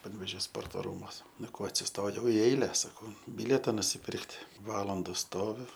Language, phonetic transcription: Lithuanian, panvėˈžio ˈsporto ˈrūmuos ˈnu ˈko atsisˈtojau i ˈeile saˈkau ˈbilieta nusiˈpirkt' ˈvalanda ˈstoviu

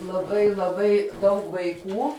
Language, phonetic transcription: Lithuanian, laˈbai laˈbai daug vaiˈkų

